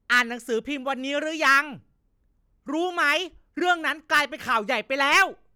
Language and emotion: Thai, angry